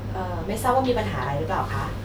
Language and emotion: Thai, neutral